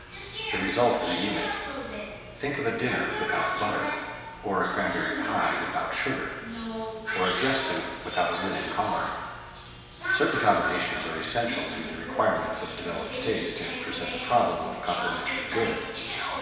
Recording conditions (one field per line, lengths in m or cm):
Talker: one person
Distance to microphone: 1.7 m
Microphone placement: close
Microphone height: 1.0 m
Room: very reverberant, large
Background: television